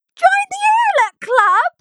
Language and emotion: English, surprised